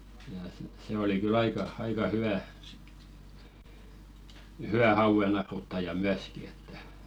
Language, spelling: Finnish, ja sitten se oli kyllä aika aika hyvä hyvä hauennaruttaja myöskin että
- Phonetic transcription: ja sit 'se oli ky'l ‿aika , "aika 'hyʷä , huʷä hauᵛenaruttaja 'myäski että .

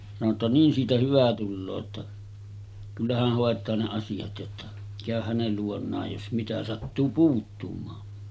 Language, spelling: Finnish, sanoi jotta niin siitä hyvä tulee jotta kyllä hän hoitaa ne asiat jotta käy hänen luonaan jos mitä sattuu puuttumaan
- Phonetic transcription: sano ‿tta » 'niin siitä hyvä tulloo « ‿tta , » 'kyllä häh hòet̀aa ne 'asijat « jotta , » 'kä̀öh hänel luon̆naaj jos 'mitä sattuu 'puuttumaan « .

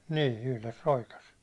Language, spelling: Finnish, niin yhdessä roikassa
- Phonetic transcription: niin̬ , 'yhles 'roikas .

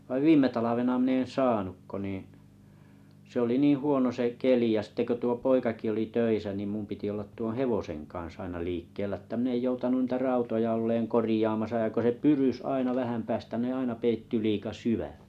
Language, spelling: Finnish, vaan viime talvena minä en saanut kuin niin se oli niin huono se keli ja sitten kun tuo poikakin oli töissä niin minun piti olla tuon kanssa aina liikkeellä että minä en joutanut niitä olemaan korjaamassa ja kun se pyrysi aina vähän päästä ne aina peittyi liian syvälle
- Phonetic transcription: vaⁱv "viim̀e 'talavena mⁱ'n ‿nen "saanuk ko niḭ , s ‿oli 'niih 'huono se 'keli ja sitte ko tuo 'poikaki oli 'töisä nim mum piti ollat 'tuoo̰ kaa̰s aina liikkeelä ᵉttä min ‿ej 'joutanun nⁱtä olleeŋ "korĭjaamaasa ja ko se "pyrys 'aina vähäm päästä ne 'aina peitty 'liika "syvä[lle] .

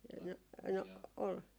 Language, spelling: Finnish, no no oli
- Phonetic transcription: "no , "no ol ,.

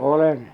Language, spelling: Finnish, olen
- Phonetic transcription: 'olen .

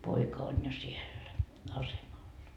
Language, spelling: Finnish, poika on jo siellä asemalla
- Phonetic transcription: 'poika on jo 'siellä , "asemalla .

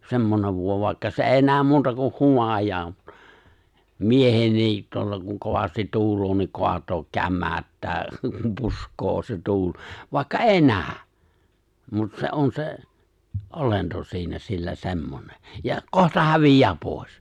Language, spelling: Finnish, semmoinen voima vaikka se ei näe muuta kuin humajaa miehenkin tuolla kun kovasti tuulee niin kaataa kämäyttää puskee se tuuli vaikka ei näy mutta se on se olento siinä sillä semmoinen ja kohta häviää pois
- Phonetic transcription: 'semmonev 'vòe(ma) vài̬kka se '’èi̬ 'nääm muuta kuh̆ 'humaj̀aa , "miehennii , tuolla kuŋ 'kovastit 'tu̬ul̀oo ni 'koat̀ook 'kämmäᵒ̈ttää , 'pusk̀oo se 'tuul , 'vàikka "’èi 'nää , mut se '’on se , '’olento siinä sillä 'se̬mmone , ja , 'kohta 'hävij̀ää 'pòis .

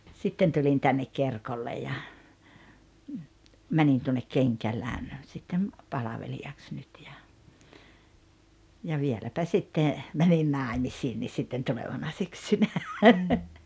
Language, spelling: Finnish, sitten tulin tänne Kerkolle ja menin tuonne Kenkälään sitten palvelijaksi nyt ja ja vieläpä sitten menin naimisiinkin sitten tulevana syksynä
- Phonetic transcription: 'sitten tulin tännek "Kerkolle ja , 'mänin tuonnek "Keŋkäläŋ , sittem , 'palaveli₍aks nyt ja , ja 'vieläpä 'sitte , mänin "nàemisiinnis̆ sitten 'tulevana 'syksynä .

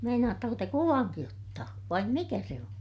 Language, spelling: Finnish, meinaatteko te kuvankin ottaa vai mikä se on
- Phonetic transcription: meinaattako te kuvaŋki ottaa , vaim mikä se on ?

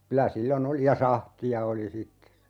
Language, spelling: Finnish, kyllä silloin oli ja sahtia oli sitten
- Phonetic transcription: 'kylä 'sillo"n ‿oli ja "sahti₍a oli 'sitte(s) ,.

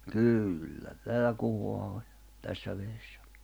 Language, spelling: Finnish, kyllä täällä kuhaa oli tässä vedessä
- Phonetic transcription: 'kỳllä 'täälä 'kuhoa oĺ , 'tässä veessᴀ̈ .

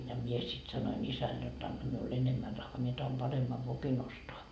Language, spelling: Finnish, ja minä sitten sanoin isälle jotta anna minulle enemmän rahaa minä tahdon paremman vokin ostaa
- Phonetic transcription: ja 'mie sit sanoin 'isäl jot » 'anna miul 'enemmä rahhaa mie tahom "paremmav 'vokin ‿ostoa » .

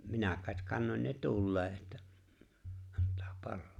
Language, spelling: Finnish, minä kai kannoin ne tuleen että antaa palaa
- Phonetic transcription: 'minä̀ᵏ kàet 'kannoǹ ne "tullee ᵉttä , ᴀnt̀aa "pallᴏᴏ .

